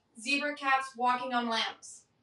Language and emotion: English, neutral